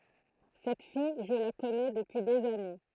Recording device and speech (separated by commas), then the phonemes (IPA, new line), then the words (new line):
throat microphone, read sentence
sɛt fij ʒə la kɔnɛ dəpyi dez ane
Cette fille, je la connais depuis des années.